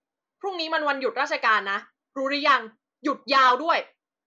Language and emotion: Thai, angry